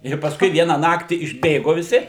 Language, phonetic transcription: Lithuanian, ir pasˈkui ˈviena ˈnaktį išˈbėgo viˈsi

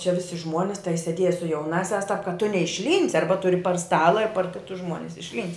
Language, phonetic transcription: Lithuanian, čia ˈvisi ˈžmuonis tai seˈdieja su jauˈnāsiās tap kad tu neišˈlynsi ˈarba ˈturi par ˈstala ir par ˈkitus ˈžmuonis išlˈynst'

